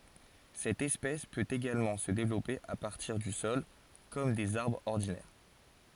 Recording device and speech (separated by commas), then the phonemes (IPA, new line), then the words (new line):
forehead accelerometer, read sentence
sɛt ɛspɛs pøt eɡalmɑ̃ sə devlɔpe a paʁtiʁ dy sɔl kɔm dez aʁbʁz ɔʁdinɛʁ
Cette espèce peut également se développer à partir du sol comme des arbres ordinaires.